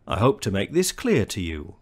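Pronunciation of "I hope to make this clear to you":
In this sentence, 'to' is said in its weak form, not its strong form. The rhythm goes weak-strong, with the strong syllables on 'hope', 'make', 'clear' and 'you'.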